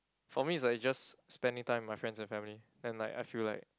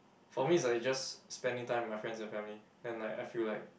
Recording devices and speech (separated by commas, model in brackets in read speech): close-talking microphone, boundary microphone, conversation in the same room